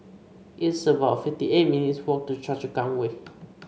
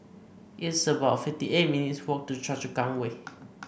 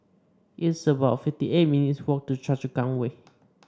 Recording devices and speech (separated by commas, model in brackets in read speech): mobile phone (Samsung C5), boundary microphone (BM630), standing microphone (AKG C214), read sentence